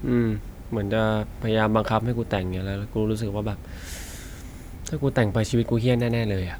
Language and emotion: Thai, frustrated